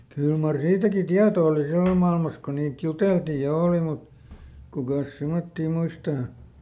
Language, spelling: Finnish, kyllä mar siitäkin tieto oli silloin maailmassa kun niitä juteltiin ja oli mutta kukas semmoisia muistaa
- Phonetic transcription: ˈkyl mar ˈsiitäki "tiato oli ˈsillom mailmas ko niit ˈjuteltii ja "òli mut , ˈkukàs ˈsemottii ˈmuistaa !

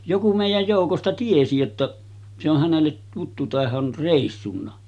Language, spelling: Finnish, joku meidän joukosta tiesi jotta se on hänelle tuttu että hän on reissunnut
- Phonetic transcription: 'joku mèijäj jòukosta "tiesi jotta , se ‿oh hänellet tuttu (että hä’) or 'rèissunna .

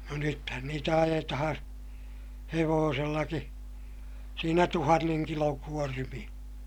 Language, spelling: Finnish, no nythän niitä ajetaan hevosellakin siinä tuhannen kilon kuormia
- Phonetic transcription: no nythän niitä ajetahaa̰ , hevoosellaki , siinä tuhanneŋ kiloŋ kuormiʲA .

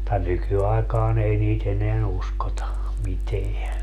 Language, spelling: Finnish, mutta nykyaikana ei niitä enää uskota mitään
- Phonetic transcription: [mut]ta 'nykyaikaan ‿ei nii't ‿eneän 'uskota , 'miteä .

